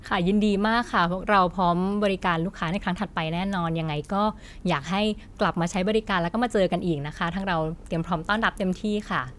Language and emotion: Thai, happy